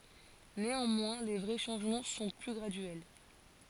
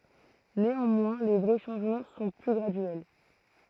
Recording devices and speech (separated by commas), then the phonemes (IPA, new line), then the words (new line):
forehead accelerometer, throat microphone, read sentence
neɑ̃mwɛ̃ le vʁɛ ʃɑ̃ʒmɑ̃ sɔ̃ ply ɡʁadyɛl
Néanmoins, les vrais changements sont plus graduels.